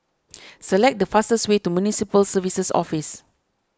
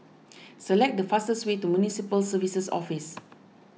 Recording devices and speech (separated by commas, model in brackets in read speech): standing microphone (AKG C214), mobile phone (iPhone 6), read sentence